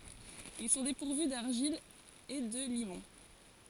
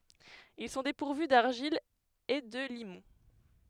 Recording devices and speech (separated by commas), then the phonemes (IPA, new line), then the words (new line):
forehead accelerometer, headset microphone, read sentence
il sɔ̃ depuʁvy daʁʒil e də limɔ̃
Ils sont dépourvus d’argile et de limon.